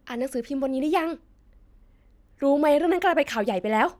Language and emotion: Thai, frustrated